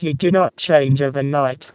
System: VC, vocoder